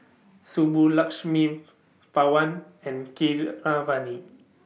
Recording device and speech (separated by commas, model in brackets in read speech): mobile phone (iPhone 6), read sentence